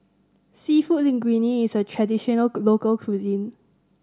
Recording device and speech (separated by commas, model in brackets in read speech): standing microphone (AKG C214), read sentence